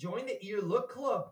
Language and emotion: English, surprised